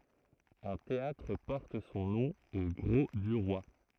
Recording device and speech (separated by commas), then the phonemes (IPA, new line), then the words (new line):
throat microphone, read sentence
œ̃ teatʁ pɔʁt sɔ̃ nɔ̃ o ɡʁo dy ʁwa
Un théâtre porte son nom au Grau-du-Roi.